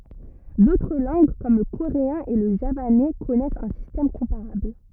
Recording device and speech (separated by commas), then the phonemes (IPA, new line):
rigid in-ear microphone, read sentence
dotʁ lɑ̃ɡ kɔm lə koʁeɛ̃ e lə ʒavanɛ kɔnɛst œ̃ sistɛm kɔ̃paʁabl